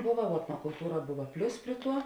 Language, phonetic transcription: Lithuanian, ˈbuva vuo etnokulˈtūra ˈbuva ˈplius ˈprie ˌtuo

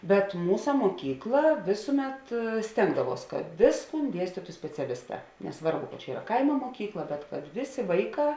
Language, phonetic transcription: Lithuanian, bet ˈmūsa moˈkykla ˈvėsuˌmet ˈstėngdaˌvuos kad ˈvėsˌkūn ˈdiestytu speciaˈlisˌtā neˈsvarbu kad čia ˈyra ˈkaimo moˈkykla bet kad ˈvėˌsė ˈvaiˌkā

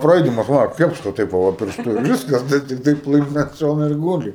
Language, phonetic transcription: Lithuanian, praˈaidamas va ˈkepšt va ˈteip va ˈva pirˈštu ir ˈviskas ˈtas tikˈtai ˈplɨmt ant ˈšono ir ˈgūli

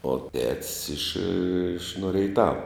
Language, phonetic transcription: Lithuanian, o tet's' iš iš no reiˈtava

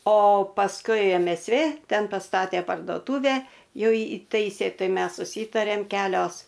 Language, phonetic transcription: Lithuanian, o pasˈkui em es ˈvė ˈten paˈstatė pardoˈtūvę ˈjų ˈįtaisė ˈtai ˈmes suˈsytarėm ˈkelios

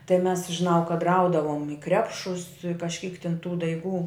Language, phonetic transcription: Lithuanian, tai mes žiˈnau kad ˈraudavom i ˈkrepšus kažˈkyk tin tų daiˈgų

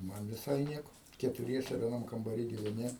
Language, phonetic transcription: Lithuanian, ˈman viˈsai ˈnieko ketuˈriese vieˈnam kambaˈry giveˈni

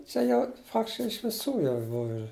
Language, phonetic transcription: Lithuanian, ˈčia jau čia iš viˈsų ˈjau ˈbuv ir

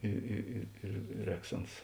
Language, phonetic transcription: Lithuanian, ˈi i i ir ˈrēks ˈans

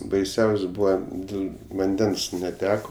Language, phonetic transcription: Lithuanian, baiˈsiaus' ˈbūva ˈdil vanˈdens neˈteko

